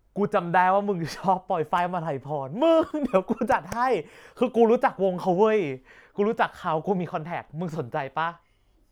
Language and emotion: Thai, happy